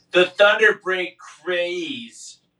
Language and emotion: English, disgusted